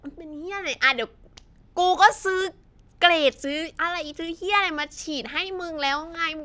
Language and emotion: Thai, frustrated